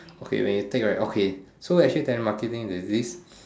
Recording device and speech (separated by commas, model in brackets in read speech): standing microphone, conversation in separate rooms